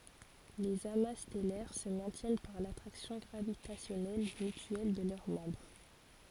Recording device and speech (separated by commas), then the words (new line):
forehead accelerometer, read sentence
Les amas stellaires se maintiennent par l'attraction gravitationnelle mutuelle de leurs membres.